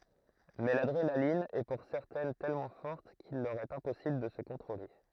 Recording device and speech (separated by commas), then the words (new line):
throat microphone, read sentence
Mais l’adrénaline est pour certaines tellement forte qu'il leur est impossible de se contrôler.